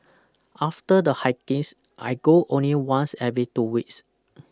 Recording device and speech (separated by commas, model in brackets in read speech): close-talking microphone (WH20), read sentence